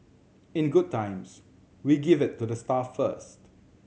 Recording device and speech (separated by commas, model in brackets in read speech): mobile phone (Samsung C7100), read sentence